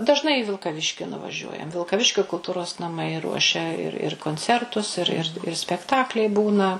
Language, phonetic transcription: Lithuanian, dažˈnai į vilkaˈviški nuvaˈžiuojam vilkaˈviškio kulˈtūros naˈmai ˈruošia ir ir konˈcertus ir ˈir ˈir spekˈtakliai ˈbūna

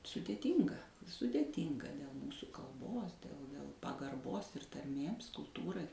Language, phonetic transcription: Lithuanian, sudėˈtynga sudeˈtynga del ˈmūsu kalˈbos del del pagarˈbos ir tarˈmėms kulˈtūrai

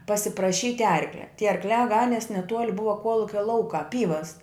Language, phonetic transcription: Lithuanian, pasipraˈšyt' ˈarklia tie arkˈliā ˈganies neˈtuol' ˈbuva ˈkuolukia ˈlaukā ˈpyvas

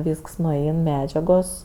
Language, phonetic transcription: Lithuanian, ˈvysks nuˈein ˈmedžiagos

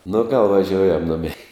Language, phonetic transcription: Lithuanian, nu gal vaˈžioujam ˈnumei

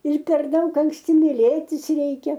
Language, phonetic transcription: Lithuanian, ir per ˈdaug anksˈti miˈlėtis ˈreikia

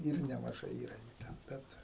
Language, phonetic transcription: Lithuanian, ˈir nemaˈžai ˈyra jų ˈten ˈbet

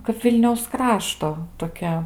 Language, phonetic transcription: Lithuanian, kap ˈvilniaus ˈkrašto toˈkia

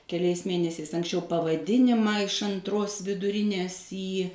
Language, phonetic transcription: Lithuanian, keˈliais ˈmėnesiais anksˈčiau pavaˈdinimą iš anˈtros viduˈrinės ˈį

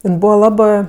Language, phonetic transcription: Lithuanian, ˈin ˈbūva ˈlabɜ

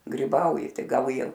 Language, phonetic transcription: Lithuanian, griˈbauji ˈtai ˈgal ˈjie

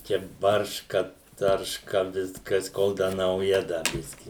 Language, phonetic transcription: Lithuanian, ˈčia ˈbarška ˈtarška ˈviskas ˈkol ˈda nauˈja ˈda ˈbiski

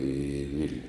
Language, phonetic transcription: Lithuanian, į ˈvil'niu

